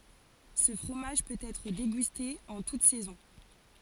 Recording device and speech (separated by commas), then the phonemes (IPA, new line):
forehead accelerometer, read sentence
sə fʁomaʒ pøt ɛtʁ deɡyste ɑ̃ tut sɛzɔ̃